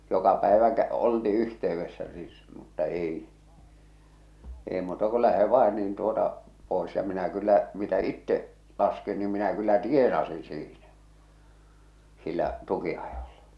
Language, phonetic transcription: Finnish, 'joka päevä kä- , olti 'yhteyvvessä sis- , mutta 'èi , èḙ muuta ko "lähe 'vàe niin tuota , pòes ja minä kyllä , mitä "itte’ , laskin nim minä kyllä "tienasin̬ siinä , sillä’ , 'tuki₍ajoʟʟᴀ .
- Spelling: joka päivä - oltiin yhteydessä - mutta ei ei muuta kuin lähde vain niin tuota pois ja minä kyllä mitä itse laskin niin minä kyllä tienasin siinä sillä tukinajolla

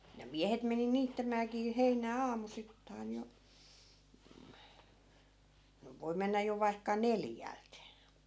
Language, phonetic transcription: Finnish, ja 'miähet meni 'niittämääkii 'heinää 'aamusittain jo , no 'voi mennä 'jo vaikka "neljält .
- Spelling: ja miehet meni niittämäänkin heinää aamusittain jo no voi mennä jo vaikka neljältä

